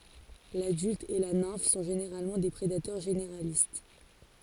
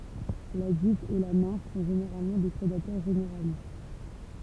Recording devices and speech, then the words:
forehead accelerometer, temple vibration pickup, read sentence
L'adulte et la nymphe sont généralement des prédateurs généralistes.

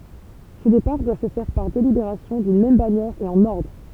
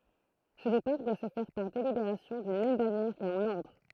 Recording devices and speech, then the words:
temple vibration pickup, throat microphone, read sentence
Ce départ doit se faire par délibération d'une même bannière et en ordre.

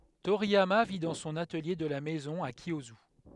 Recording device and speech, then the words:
headset microphone, read sentence
Toriyama vit dans son atelier de la maison à Kiyosu.

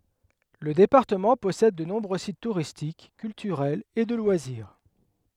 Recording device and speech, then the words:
headset microphone, read sentence
Le département possède de nombreux sites touristiques, culturels et de loisirs.

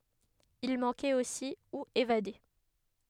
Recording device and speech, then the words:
headset microphone, read sentence
Il manquait aussi ou évadés.

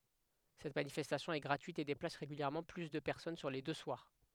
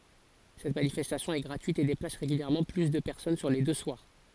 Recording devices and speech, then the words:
headset microphone, forehead accelerometer, read sentence
Cette manifestation est gratuite et déplace régulièrement plus de personnes sur les deux soirs.

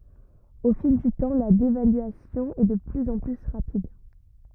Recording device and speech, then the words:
rigid in-ear microphone, read sentence
Au fil du temps, la dévaluation est de plus en plus rapide.

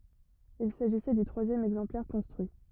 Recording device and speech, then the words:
rigid in-ear microphone, read sentence
Il s'agissait du troisième exemplaire construit.

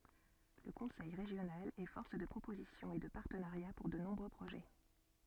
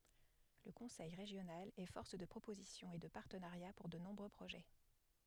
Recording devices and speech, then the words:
soft in-ear microphone, headset microphone, read sentence
Le conseil régional est force de proposition et de partenariats pour de nombreux projets.

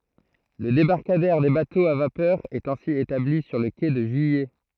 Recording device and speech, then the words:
throat microphone, read sentence
Le débarcadère des bateaux à vapeur est ainsi établi sur le quai de Juillet.

